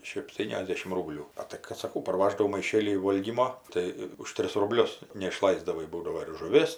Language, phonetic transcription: Lithuanian, šepˈtyniasˌdėšim ˈrūblių ˈa tai kad saˈkau parˈvaždavo maiˈšėlį ˈvolgymo ˈtai už ˈtris ruˈblius neišˈlaisdavai ˈbūdavo ir žuˈvės

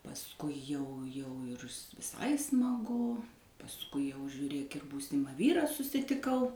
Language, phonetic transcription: Lithuanian, pasˈkui ˈjau jau ir viˈsai smaˈgu pasˈkui jau žiūˈrėk ir ˈbūsima ˈvyrą susitiˈkau

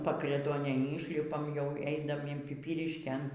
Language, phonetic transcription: Lithuanian, pakreˈtuonėj ˈyšlipam jau ˈeinam in piˈpyriškėn

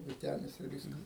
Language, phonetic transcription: Lithuanian, viˈtenis ir ˈvyskas

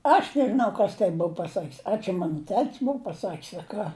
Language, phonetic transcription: Lithuanian, ˈaš nežiˈnau ˈkas tai ˈbuu paˈsak's' a čia ˈmanu ˈtet's' ˈbuu paˈsak's' a ˈką

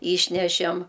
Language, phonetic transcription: Lithuanian, ˈyšnešem

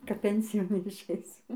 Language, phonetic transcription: Lithuanian, kap ˈpensijon išaiˈsiu

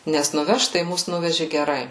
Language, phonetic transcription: Lithuanian, ˈnes nuˈvežt tai ˈmus ˈnuveži geˈrai

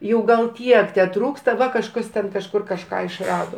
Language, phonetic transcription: Lithuanian, jau gal ˈtiek teˈtrūksta ˈva kažˈkas ten kažˈkur kažˈką išˈrado

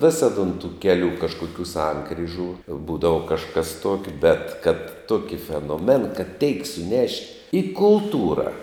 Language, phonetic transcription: Lithuanian, ˈvisad un tų ˈkeˌlių kažˈkukių ˈsankryžų ˈbūdava kažˈkas ˈtuokia bet kad ˈtoki fenoˈmen kad teik suˈnešt' i kulˈtūra

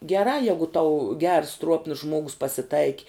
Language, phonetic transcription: Lithuanian, geˈrā ˈjeigu tau gers ˈtruopnus ˈžmuogus pasiˈtaiki

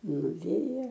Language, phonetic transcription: Lithuanian, nuˈvėja

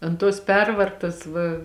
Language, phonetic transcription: Lithuanian, ant tos ˈpervartas va

